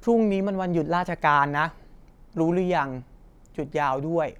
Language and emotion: Thai, neutral